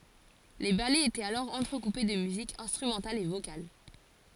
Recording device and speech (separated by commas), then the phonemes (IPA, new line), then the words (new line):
forehead accelerometer, read sentence
le balɛz etɛt alɔʁ ɑ̃tʁəkupe də myzik ɛ̃stʁymɑ̃tal e vokal
Les ballets étaient alors entrecoupés de musique instrumentale et vocale.